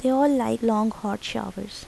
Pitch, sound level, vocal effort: 230 Hz, 79 dB SPL, soft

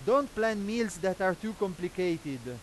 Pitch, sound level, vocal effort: 190 Hz, 99 dB SPL, very loud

